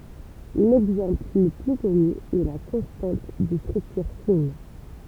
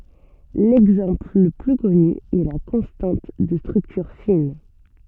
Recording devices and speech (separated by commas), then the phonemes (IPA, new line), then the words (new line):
temple vibration pickup, soft in-ear microphone, read sentence
lɛɡzɑ̃pl lə ply kɔny ɛ la kɔ̃stɑ̃t də stʁyktyʁ fin
L'exemple le plus connu est la constante de structure fine.